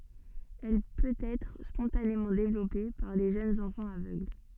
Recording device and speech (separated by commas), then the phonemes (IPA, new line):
soft in-ear microphone, read sentence
ɛl pøtɛtʁ spɔ̃tanemɑ̃ devlɔpe paʁ le ʒønz ɑ̃fɑ̃z avøɡl